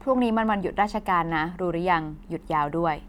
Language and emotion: Thai, neutral